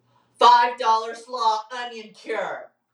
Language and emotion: English, neutral